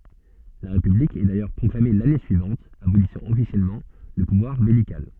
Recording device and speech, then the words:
soft in-ear microphone, read sentence
La république est d'ailleurs proclamée l'année suivante, abolissant officiellement le pouvoir beylical.

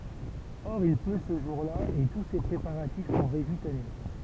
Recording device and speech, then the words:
temple vibration pickup, read sentence
Or il pleut ce jour-là et tous ses préparatifs sont réduits à néant.

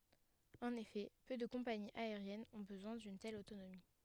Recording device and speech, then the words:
headset microphone, read sentence
En effet, peu de compagnies aériennes ont besoin d'une telle autonomie.

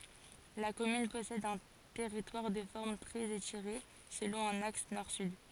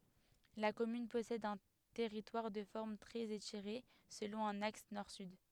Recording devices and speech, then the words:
forehead accelerometer, headset microphone, read sentence
La commune possède un territoire de forme très étirée, selon un axe nord-sud.

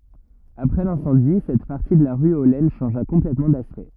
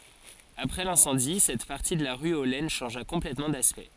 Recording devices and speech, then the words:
rigid in-ear microphone, forehead accelerometer, read sentence
Après l'incendie, cette partie de la rue aux Laines changea complètement d'aspect.

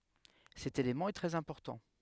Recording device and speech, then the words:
headset microphone, read sentence
Cet élément est très important.

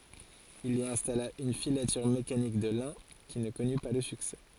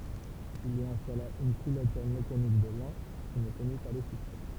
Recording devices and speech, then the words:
forehead accelerometer, temple vibration pickup, read sentence
Il y installa une filature mécanique de lin qui ne connut pas le succès.

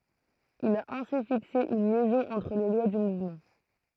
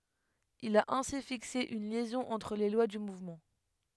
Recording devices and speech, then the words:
throat microphone, headset microphone, read sentence
Il a ainsi fixé une liaison entre les lois du mouvement.

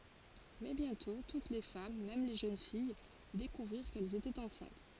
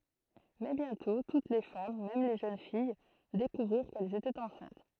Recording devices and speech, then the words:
forehead accelerometer, throat microphone, read sentence
Mais bientôt, toutes les femmes, même les jeunes filles, découvrirent qu'elles étaient enceintes.

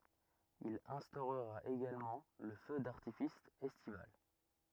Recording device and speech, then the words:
rigid in-ear microphone, read sentence
Il instaurera également le feu d'artifice estival.

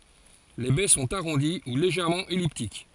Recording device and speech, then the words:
forehead accelerometer, read sentence
Les baies sont arrondies ou légèrement elliptiques.

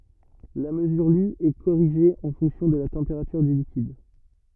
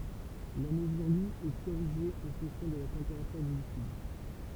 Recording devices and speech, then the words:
rigid in-ear microphone, temple vibration pickup, read sentence
La mesure lue est corrigée en fonction de la température du liquide.

